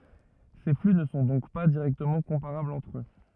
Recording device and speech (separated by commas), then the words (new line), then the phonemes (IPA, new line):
rigid in-ear microphone, read sentence
Ces flux ne sont donc pas directement comparables entre eux.
se fly nə sɔ̃ dɔ̃k pa diʁɛktəmɑ̃ kɔ̃paʁablz ɑ̃tʁ ø